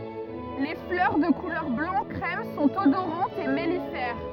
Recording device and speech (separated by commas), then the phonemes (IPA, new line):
rigid in-ear microphone, read sentence
le flœʁ də kulœʁ blɑ̃ kʁɛm sɔ̃t odoʁɑ̃tz e mɛlifɛʁ